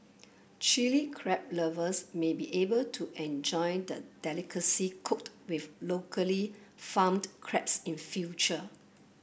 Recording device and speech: boundary microphone (BM630), read sentence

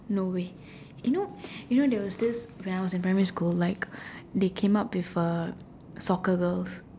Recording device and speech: standing microphone, conversation in separate rooms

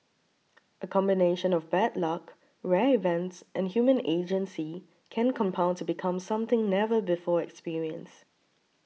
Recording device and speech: mobile phone (iPhone 6), read sentence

